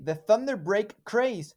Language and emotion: English, surprised